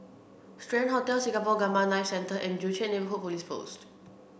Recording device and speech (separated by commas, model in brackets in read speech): boundary microphone (BM630), read sentence